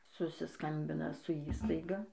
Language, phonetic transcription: Lithuanian, susiˈskambina su ˈįstaiga

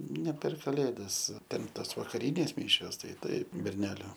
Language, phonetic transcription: Lithuanian, ne per kaˈlėdas ˈten ˈtas vakaˈrynės ˈmyšios ˈtai ˈtaip berˈneliu

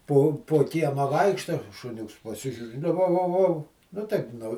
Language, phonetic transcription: Lithuanian, ˈpo po ˈkiemą ˈvaikšta šuˈniuks paˈsižiūri nu ˈvau ˈvau ˈvau ˈnu taip nu

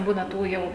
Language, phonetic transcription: Lithuanian, ˈbūna ˈtų ˈjau

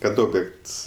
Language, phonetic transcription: Lithuanian, kad ˈobjekts

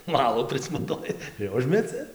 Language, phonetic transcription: Lithuanian, ˈvalo prismaˈtoji ir ˈužmeci

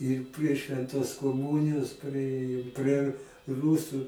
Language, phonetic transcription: Lithuanian, ir prie švenˈtos koˈmūnijos priˈėjom prie r ˈrūsu

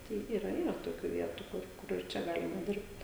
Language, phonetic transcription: Lithuanian, ˈtai ˈyra ˈyra toˈkių ˈvietu kur ˈkur ir ˈčia ˈgalima ˈdirbt

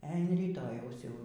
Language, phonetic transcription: Lithuanian, e an ryˈtojaus jau

